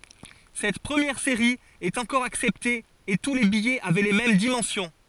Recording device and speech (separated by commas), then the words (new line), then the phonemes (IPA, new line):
forehead accelerometer, read sentence
Cette première série est encore acceptée et tous les billets avaient les mêmes dimensions.
sɛt pʁəmjɛʁ seʁi ɛt ɑ̃kɔʁ aksɛpte e tu le bijɛz avɛ le mɛm dimɑ̃sjɔ̃